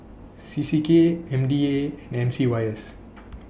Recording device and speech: boundary microphone (BM630), read sentence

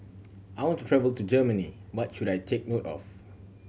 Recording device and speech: mobile phone (Samsung C7100), read sentence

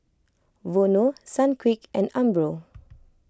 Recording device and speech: close-talking microphone (WH20), read sentence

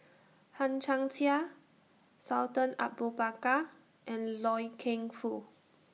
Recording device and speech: mobile phone (iPhone 6), read sentence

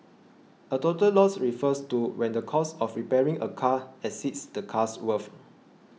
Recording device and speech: mobile phone (iPhone 6), read sentence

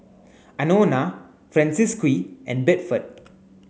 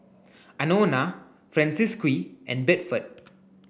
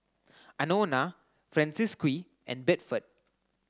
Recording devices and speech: mobile phone (Samsung C9), boundary microphone (BM630), close-talking microphone (WH30), read sentence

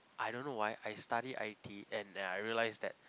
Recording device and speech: close-talking microphone, conversation in the same room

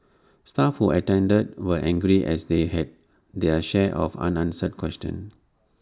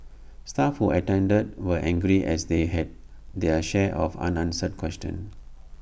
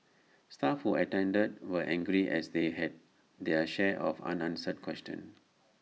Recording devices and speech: standing microphone (AKG C214), boundary microphone (BM630), mobile phone (iPhone 6), read sentence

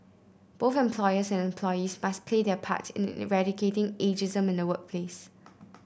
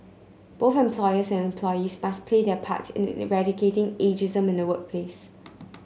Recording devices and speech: boundary microphone (BM630), mobile phone (Samsung C9), read sentence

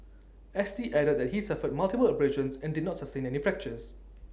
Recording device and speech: standing microphone (AKG C214), read sentence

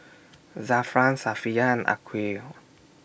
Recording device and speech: boundary microphone (BM630), read sentence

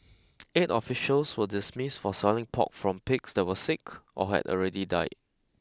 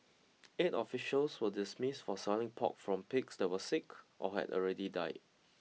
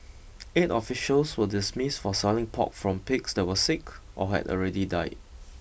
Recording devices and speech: close-talking microphone (WH20), mobile phone (iPhone 6), boundary microphone (BM630), read sentence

